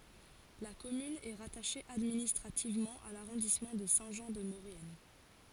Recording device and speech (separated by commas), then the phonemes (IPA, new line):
forehead accelerometer, read sentence
la kɔmyn ɛ ʁataʃe administʁativmɑ̃ a laʁɔ̃dismɑ̃ də sɛ̃ ʒɑ̃ də moʁjɛn